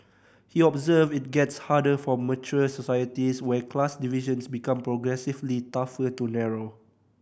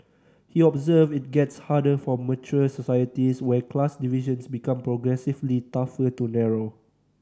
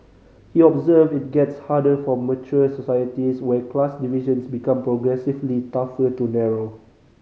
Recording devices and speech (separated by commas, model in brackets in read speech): boundary microphone (BM630), standing microphone (AKG C214), mobile phone (Samsung C5010), read sentence